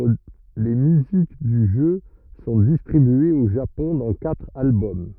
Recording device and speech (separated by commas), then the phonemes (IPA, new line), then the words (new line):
rigid in-ear microphone, read sentence
le myzik dy ʒø sɔ̃ distʁibyez o ʒapɔ̃ dɑ̃ katʁ albɔm
Les musiques du jeu sont distribuées au Japon dans quatre albums.